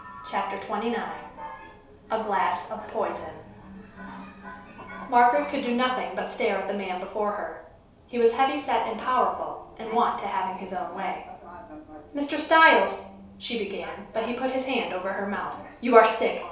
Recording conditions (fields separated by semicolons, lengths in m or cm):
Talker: one person; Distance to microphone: 3.0 m; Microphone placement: far; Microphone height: 1.8 m; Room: small (3.7 m by 2.7 m); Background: television